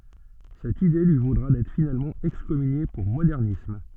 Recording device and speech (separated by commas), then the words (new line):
soft in-ear microphone, read sentence
Cette idée lui vaudra d'être finalement excommunié pour modernisme.